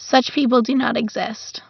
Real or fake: real